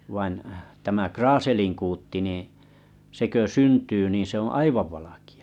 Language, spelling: Finnish, vain tämä kraaselinkuutti niin se kun syntyy niin se on aivan valkea
- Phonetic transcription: vain , tämä 'kraaseliŋkuutti nìⁱ̰ , se kö 'syntyy nì 'se ‿o "aivav valakɪ₍ᴀ .

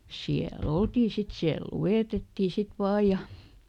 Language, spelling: Finnish, siellä oltiin sitten siellä luetettiin sitten vain ja
- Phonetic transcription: siäˈl ‿oltii sit ˈsiäl "lu₍ètettì sit ˈvaaj̆ ja ,.

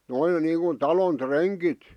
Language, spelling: Finnish, noin niin kuin talon rengit
- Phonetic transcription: 'noiŋ 'niiŋkun 'talon "treŋkit .

